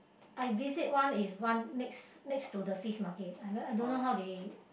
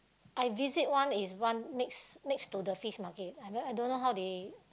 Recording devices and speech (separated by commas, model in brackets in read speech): boundary microphone, close-talking microphone, conversation in the same room